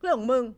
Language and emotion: Thai, angry